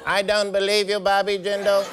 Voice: alien voice